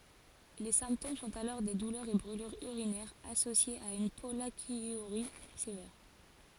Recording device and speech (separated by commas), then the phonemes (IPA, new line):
forehead accelerometer, read sentence
le sɛ̃ptom sɔ̃t alɔʁ de dulœʁz e bʁylyʁz yʁinɛʁz asosjez a yn pɔlakjyʁi sevɛʁ